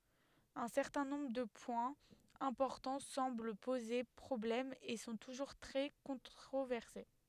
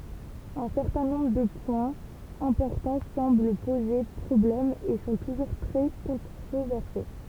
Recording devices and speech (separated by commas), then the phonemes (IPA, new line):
headset microphone, temple vibration pickup, read sentence
œ̃ sɛʁtɛ̃ nɔ̃bʁ də pwɛ̃z ɛ̃pɔʁtɑ̃ sɑ̃bl poze pʁɔblɛm e sɔ̃ tuʒuʁ tʁɛ kɔ̃tʁovɛʁse